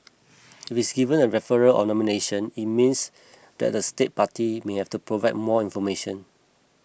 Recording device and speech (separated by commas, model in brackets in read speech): boundary microphone (BM630), read sentence